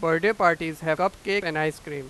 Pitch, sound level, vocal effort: 165 Hz, 98 dB SPL, very loud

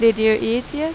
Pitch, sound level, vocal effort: 230 Hz, 90 dB SPL, normal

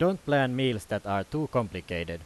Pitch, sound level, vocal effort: 125 Hz, 90 dB SPL, loud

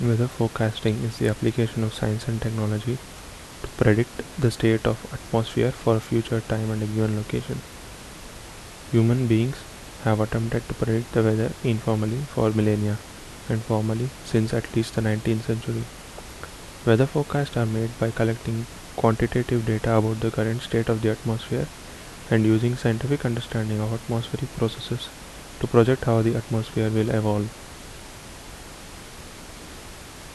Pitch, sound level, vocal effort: 115 Hz, 72 dB SPL, soft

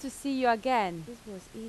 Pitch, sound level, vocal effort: 235 Hz, 88 dB SPL, very loud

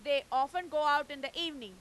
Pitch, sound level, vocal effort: 290 Hz, 105 dB SPL, very loud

